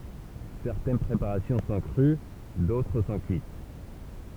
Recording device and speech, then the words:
temple vibration pickup, read sentence
Certaines préparations sont crues, d'autres sont cuites.

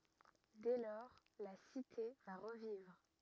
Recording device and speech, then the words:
rigid in-ear microphone, read sentence
Dès lors, la cité va revivre.

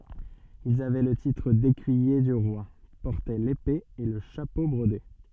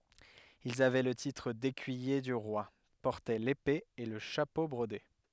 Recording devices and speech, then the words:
soft in-ear microphone, headset microphone, read sentence
Ils avaient le titre d'Écuyer du Roi, portaient l'épée et le chapeau brodé.

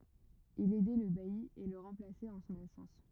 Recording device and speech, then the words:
rigid in-ear microphone, read sentence
Il aidait le bailli et le remplaçait en son absence.

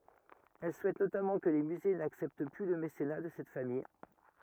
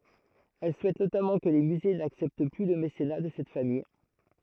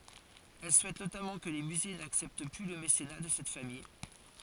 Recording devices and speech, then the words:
rigid in-ear microphone, throat microphone, forehead accelerometer, read sentence
Elle souhaite notamment que les musées n'acceptent plus le mécénat de cette famille.

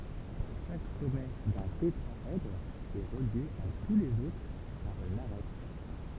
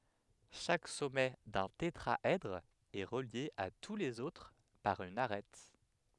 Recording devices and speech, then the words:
temple vibration pickup, headset microphone, read sentence
Chaque sommet d'un tétraèdre est relié à tous les autres par une arête.

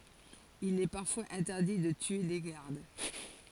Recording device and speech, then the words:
forehead accelerometer, read sentence
Il est parfois interdit de tuer les gardes.

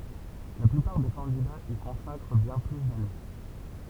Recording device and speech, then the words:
temple vibration pickup, read sentence
La plupart des candidats y consacrent bien plus d'années.

